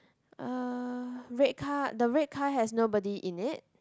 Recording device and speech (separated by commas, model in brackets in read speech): close-talking microphone, conversation in the same room